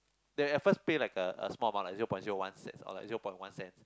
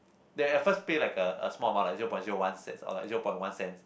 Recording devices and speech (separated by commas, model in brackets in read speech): close-talking microphone, boundary microphone, conversation in the same room